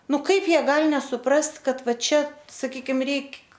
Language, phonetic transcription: Lithuanian, ˈnu ˈkaip ˈjie ˈgal' nesuˈprast ˈkad ˈva ˈčia saˈkykim ˈreik'

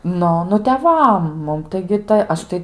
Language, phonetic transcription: Lithuanian, ˈnu ˈnu teˈvam ˈmum taigi tai ˈaš tai

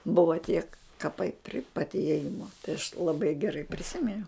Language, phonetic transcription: Lithuanian, ˈbuvo tiek kaˈpai pri pat iėˈjimo tai aš laˈbai geˈrai priˈsiminiau

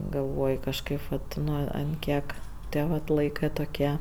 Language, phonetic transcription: Lithuanian, galˈvoj kažˈkaip vat ˈnu ant ˈkiek ˈtie vat ˈlaikɜ toˈkie

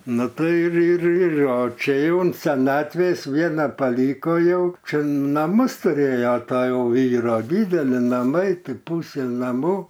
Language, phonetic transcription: Lithuanian, ˈnu ˈtai ir ir ˈir o ˈčia jau an seˈnatvės ˈviena paˈlyko jau ˈčia naˈmus tuˈrėja ˈto ˈjau ˈvyro ˈdydeli naˈmai ˈtai ˈpūse naˈmų

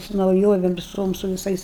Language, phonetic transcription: Lithuanian, su nauˈjovem viˈsom su viˈsais

